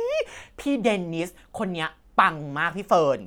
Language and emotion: Thai, happy